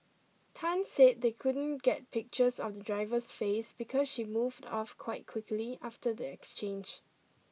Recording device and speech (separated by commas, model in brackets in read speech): mobile phone (iPhone 6), read sentence